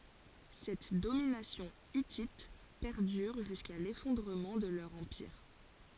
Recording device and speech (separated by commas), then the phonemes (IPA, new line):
forehead accelerometer, read sentence
sɛt dominasjɔ̃ itit pɛʁdyʁ ʒyska lefɔ̃dʁəmɑ̃ də lœʁ ɑ̃piʁ